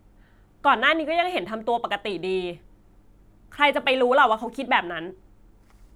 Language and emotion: Thai, frustrated